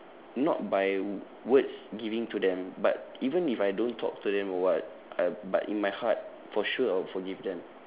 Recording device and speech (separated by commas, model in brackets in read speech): telephone, conversation in separate rooms